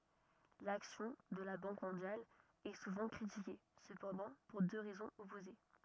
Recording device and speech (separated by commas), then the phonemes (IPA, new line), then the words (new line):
rigid in-ear microphone, read sentence
laksjɔ̃ də la bɑ̃k mɔ̃djal ɛ suvɑ̃ kʁitike səpɑ̃dɑ̃ puʁ dø ʁɛzɔ̃z ɔpoze
L'action de la Banque mondiale est souvent critiquée, cependant pour deux raisons opposées.